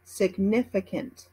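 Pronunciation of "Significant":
'Significant' is pronounced in American English.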